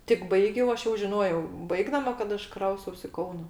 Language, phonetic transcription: Lithuanian, tik ˈbaigiau ˈaš jau žiˈnojau ˈbaigdama kad ˈaš ˈkraustaus i ˈkauna

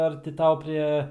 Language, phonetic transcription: Lithuanian, ˈar ti ˈtau ˈprė

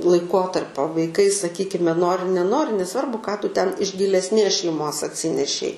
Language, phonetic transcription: Lithuanian, laiˈkotarpio vaiˈkai saˈkykime ˈnori neˈnori neˈsvarbu ką ˈtu ˈten iš gilesˈnės šeiˈmos atˈsinešei

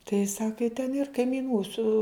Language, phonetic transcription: Lithuanian, tai ˈsaka i ten ir kaimyˈnų su

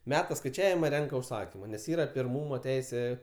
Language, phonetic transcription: Lithuanian, ˈmeta skaiˈčiavima ˈrenka užˈsakima nes ˈyra pirˈmūmo ˈteisė

